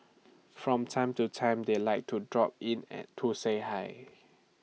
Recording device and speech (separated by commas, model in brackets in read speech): mobile phone (iPhone 6), read sentence